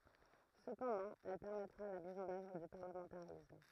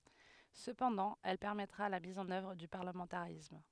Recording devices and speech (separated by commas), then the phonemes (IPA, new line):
throat microphone, headset microphone, read sentence
səpɑ̃dɑ̃ ɛl pɛʁmɛtʁa la miz ɑ̃n œvʁ dy paʁləmɑ̃taʁism